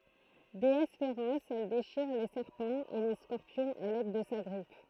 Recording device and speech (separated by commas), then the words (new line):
throat microphone, read sentence
Déesse féroce, elle déchire les serpents et les scorpions à l'aide de sa griffe.